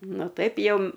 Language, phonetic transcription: Lithuanian, ˈnu ˈtaip ˈjau

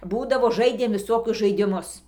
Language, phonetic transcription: Lithuanian, ˈbūdavo ˈžaidėm viˈsokius žaidiˈmus

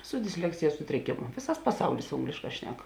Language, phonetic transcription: Lithuanian, su disˈleksijas ˈsutrikėmu ˈvėsas paˈsaulis ˈonglėšˌkā ˈšnek

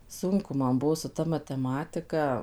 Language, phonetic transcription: Lithuanian, ˈsunku ˈman ˈbuo su ˈta mateˈmatika

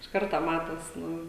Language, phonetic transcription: Lithuanian, iš ˈkarto ˈmatos ˈnu

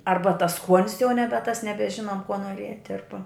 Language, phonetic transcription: Lithuanian, ˈarba tas ˈskuonis jau ˈnebe tas nebeˈžinom kuo nuoˈriet' ˈarba

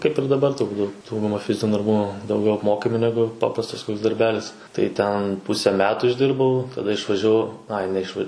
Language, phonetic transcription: Lithuanian, kaip ir daˈbar turˈbūt ˈdauguma ˈfizinių darˈbų dauˈgiau apˈmokami ˈnegu ˈpaprastas darˈbelis tai ˈten ˈpuse ˈmetu išˈdirbau taˈda išvažiaˈvau ˈai neišˈva

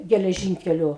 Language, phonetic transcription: Lithuanian, geleˈžynkeliu

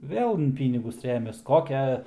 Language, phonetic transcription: Lithuanian, ˈvėl in ˈpynigus ˈremias ˈkokia

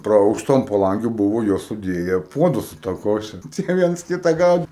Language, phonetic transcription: Lithuanian, praˈauštu ant paˈlangių ˈbuvo ˈjos suˈdėje ˈpuodus su ta ˈkoše ˈtie ˈviens ˈkita ˈgaudi

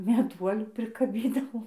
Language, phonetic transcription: Lithuanian, meˈduolių prikaˈbydavom

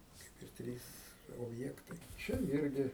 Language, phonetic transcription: Lithuanian, ˈkaip ir ˈtrys obˈjektai ˈčia ˈirgi

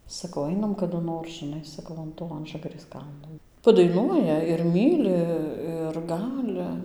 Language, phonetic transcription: Lithuanian, saˈkau ˈainam kadu ˈnor žiˈnai saˈkau an ˈto ˈanžagarės ˈkalno padaiˈnuoja ir ˈmyli ir ˈgali

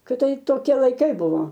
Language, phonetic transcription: Lithuanian, kiˈtaip toˈkie laiˈkai ˈbuvo

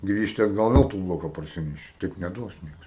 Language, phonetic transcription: Lithuanian, ˈgrįžti atˈgal ˈvel tu ˈbloka parˈsineši ˈtaip neˈduos ˈnieks

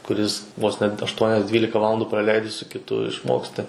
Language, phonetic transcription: Lithuanian, kuˈris vos net ašˈtuonias ˈdvylika ˈvalandu praˈleidi su kiˈtu išˈmoksti

